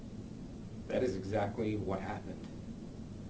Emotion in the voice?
neutral